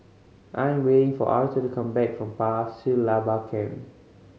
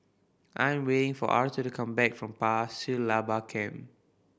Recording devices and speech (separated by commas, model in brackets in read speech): mobile phone (Samsung C5010), boundary microphone (BM630), read sentence